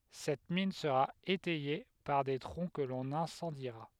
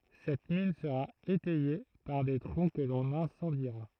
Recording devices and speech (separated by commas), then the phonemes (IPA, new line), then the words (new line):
headset microphone, throat microphone, read sentence
sɛt min səʁa etɛje paʁ de tʁɔ̃ kə lɔ̃n ɛ̃sɑ̃diʁa
Cette mine sera étayée par des troncs que l'on incendiera.